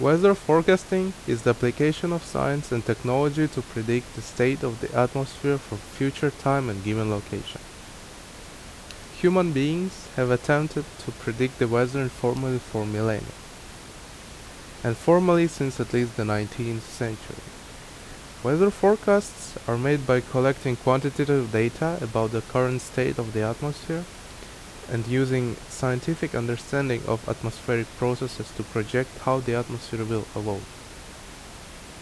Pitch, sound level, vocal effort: 125 Hz, 79 dB SPL, loud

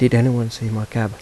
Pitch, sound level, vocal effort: 115 Hz, 82 dB SPL, soft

